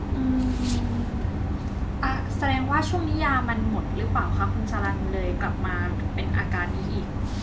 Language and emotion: Thai, neutral